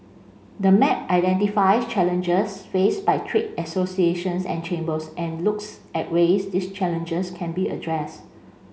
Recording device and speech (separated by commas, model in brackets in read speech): mobile phone (Samsung C5), read sentence